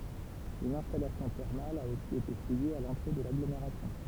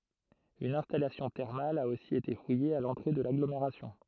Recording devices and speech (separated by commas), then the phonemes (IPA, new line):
temple vibration pickup, throat microphone, read sentence
yn ɛ̃stalasjɔ̃ tɛʁmal a osi ete fuje a lɑ̃tʁe də laɡlomeʁasjɔ̃